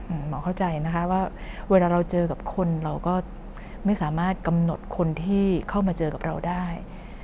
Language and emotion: Thai, neutral